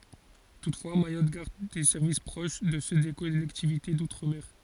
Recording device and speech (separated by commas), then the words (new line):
forehead accelerometer, read sentence
Toutefois, Mayotte garde des services proches de ceux des collectivités d'outre-mer.